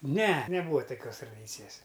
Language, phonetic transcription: Lithuanian, ˈne neˈbūa toˈkios traˈdycijas

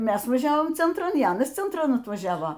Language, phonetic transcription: Lithuanian, ˈmes vaˈžiavom centˈran y ˈanas centˈran atvaˈžiavo

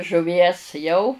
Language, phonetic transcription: Lithuanian, žuˈvies ˈjau

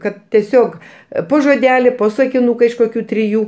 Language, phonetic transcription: Lithuanian, ˈkad tieˈsiog ˈpo žoˈdeli ˈpo sakinuka iš koˈkių triˈjų

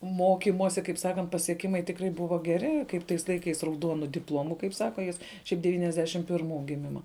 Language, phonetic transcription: Lithuanian, ˈmokimosi kaip ˈsakant pasieˈkimai tikˈrai ˈbuvo geˈri kaip ˈtais laiˈkais rauˈduonu dipˈlomu kaip ˈsaka ˈjis ˈšiaip devyniasˈdešim pirˈmų giˈmima

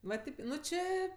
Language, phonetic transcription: Lithuanian, va ˈtėp ˈnu ˈčė

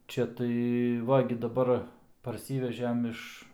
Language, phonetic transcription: Lithuanian, ˈčia tai ˈva gi daˈbar parˈsyvežem ˈiš

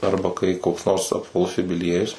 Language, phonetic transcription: Lithuanian, ˈarba kai koks nors apvaˈlus jubiˈliejus

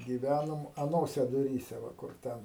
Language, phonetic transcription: Lithuanian, gyˈvænom aˈnose duˈryse ˈva ˈkur ˈten

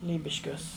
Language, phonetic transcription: Lithuanian, ˈlybiškiuos

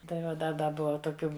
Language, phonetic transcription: Lithuanian, tai ˈva ˈda ˈda ˈbuva toˈkių

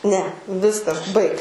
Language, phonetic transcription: Lithuanian, ne ˈviskas ˈbaik

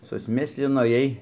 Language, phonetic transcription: Lithuanian, susˈmislinoˈjiej

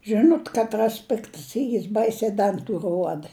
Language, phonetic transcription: Lithuanian, ˈžinot ˈkatˈras ˈpiktas ˈyr ˈbaisiai ˈdantu ˈruoda

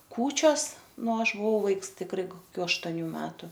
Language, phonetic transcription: Lithuanian, ˈkūčios ˈnu ˈaš buˈvau ˈvaiks tikˈrai koˈkių aštoˈnių ˈmetu

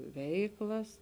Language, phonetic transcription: Lithuanian, ˈveiklas

